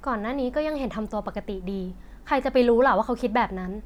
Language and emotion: Thai, frustrated